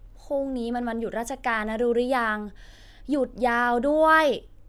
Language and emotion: Thai, frustrated